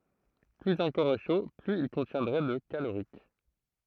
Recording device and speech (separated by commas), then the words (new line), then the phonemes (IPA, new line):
throat microphone, read sentence
Plus un corps est chaud, plus il contiendrait de calorique.
plyz œ̃ kɔʁ ɛ ʃo plyz il kɔ̃tjɛ̃dʁɛ də kaloʁik